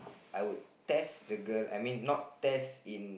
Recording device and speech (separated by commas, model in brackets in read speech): boundary microphone, conversation in the same room